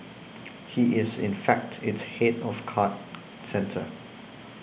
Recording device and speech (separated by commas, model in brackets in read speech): boundary microphone (BM630), read sentence